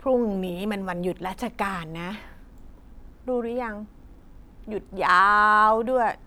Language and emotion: Thai, frustrated